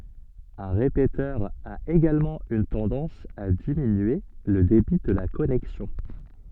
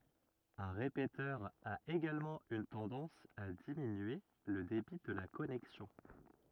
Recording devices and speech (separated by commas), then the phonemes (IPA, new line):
soft in-ear microphone, rigid in-ear microphone, read sentence
œ̃ ʁepetœʁ a eɡalmɑ̃ yn tɑ̃dɑ̃s a diminye lə debi də la kɔnɛksjɔ̃